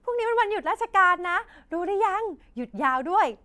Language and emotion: Thai, happy